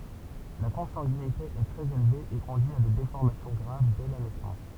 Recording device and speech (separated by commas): temple vibration pickup, read sentence